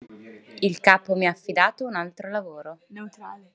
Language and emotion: Italian, neutral